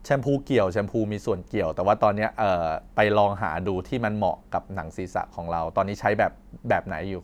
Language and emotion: Thai, neutral